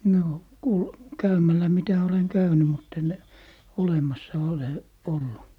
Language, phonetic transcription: Finnish, 'noo , ku , "käymällä mitä oleŋ 'käyny mutt ‿en , 'olemassa 'ole , 'ollu .
- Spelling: no kun käymällä mitä olen käynyt mutta en olemassa ole ollut

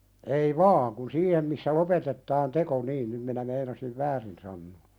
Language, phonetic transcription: Finnish, ei "vaaŋ kun 'siihem missä "lopetettaan 'teko niin nym minä 'meinasiv "väärin sannoo .
- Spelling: ei vaan kun siihen missä lopetetaan teko niin nyt minä meinasin väärin sanoa

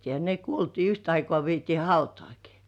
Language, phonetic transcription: Finnish, ja ne 'kuoltii 'yht ‿aikŏà viet́ii "hautŏ§àki .
- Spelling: ja ne kuoltiin yhtä aikoa vietiin hautaankin

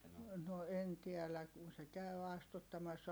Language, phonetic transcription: Finnish, no en tiɛlä , kun se käy astuttamassa ,.
- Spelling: no en tiedä kun se käy astuttamassa

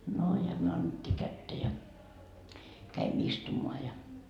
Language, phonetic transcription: Finnish, no ja myö annet́t́ii 'kättä ja , käimᵐᵒ̈ istumoa ja .
- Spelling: no ja me annettiin kättä ja kävimme istumaan ja

